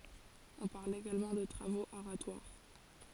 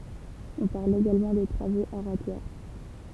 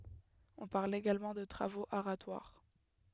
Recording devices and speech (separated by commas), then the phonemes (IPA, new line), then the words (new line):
forehead accelerometer, temple vibration pickup, headset microphone, read sentence
ɔ̃ paʁl eɡalmɑ̃ də tʁavoz aʁatwaʁ
On parle également de travaux aratoires.